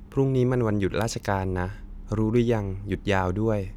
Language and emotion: Thai, neutral